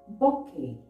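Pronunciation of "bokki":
'Bouquet' is pronounced incorrectly here.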